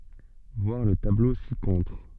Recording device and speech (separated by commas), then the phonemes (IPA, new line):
soft in-ear microphone, read sentence
vwaʁ lə tablo sikɔ̃tʁ